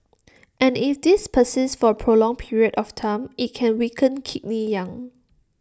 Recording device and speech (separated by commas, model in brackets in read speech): standing microphone (AKG C214), read sentence